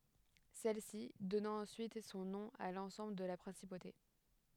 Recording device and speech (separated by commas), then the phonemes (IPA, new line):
headset microphone, read sentence
sɛlsi dɔnɑ̃ ɑ̃syit sɔ̃ nɔ̃ a lɑ̃sɑ̃bl də la pʁɛ̃sipote